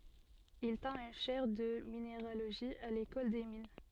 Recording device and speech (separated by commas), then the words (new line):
soft in-ear microphone, read sentence
Il tint une chaire de minéralogie à l'École des mines.